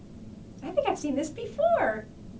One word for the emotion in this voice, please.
happy